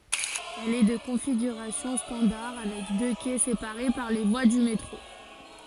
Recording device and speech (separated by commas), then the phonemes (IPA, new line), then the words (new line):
forehead accelerometer, read sentence
ɛl ɛ də kɔ̃fiɡyʁasjɔ̃ stɑ̃daʁ avɛk dø kɛ sepaʁe paʁ le vwa dy metʁo
Elle est de configuration standard avec deux quais séparés par les voies du métro.